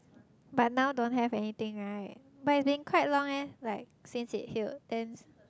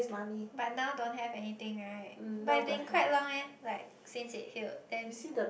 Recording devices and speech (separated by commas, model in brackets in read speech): close-talking microphone, boundary microphone, conversation in the same room